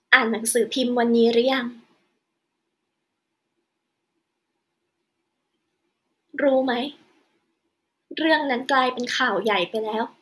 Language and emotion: Thai, sad